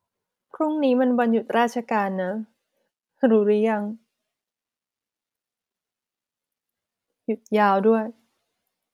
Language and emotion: Thai, sad